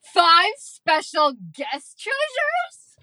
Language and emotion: English, disgusted